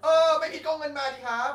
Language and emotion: Thai, angry